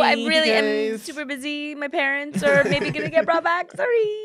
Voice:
high-pitched voice